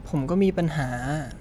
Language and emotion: Thai, sad